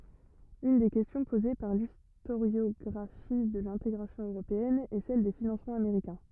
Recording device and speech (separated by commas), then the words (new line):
rigid in-ear microphone, read sentence
Une des questions posée par l'historiographie de l'intégration européenne est celle des financements américains.